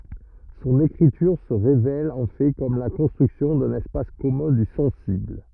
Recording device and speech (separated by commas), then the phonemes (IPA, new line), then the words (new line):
rigid in-ear microphone, read sentence
sɔ̃n ekʁityʁ sə ʁevɛl ɑ̃ fɛ kɔm la kɔ̃stʁyksjɔ̃ dœ̃n ɛspas kɔmœ̃ dy sɑ̃sibl
Son écriture se révèle en fait comme la construction d'un espace commun du sensible.